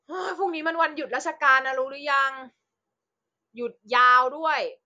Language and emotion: Thai, frustrated